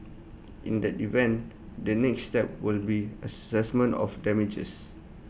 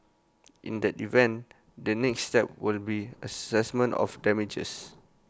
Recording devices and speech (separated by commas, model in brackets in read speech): boundary microphone (BM630), close-talking microphone (WH20), read sentence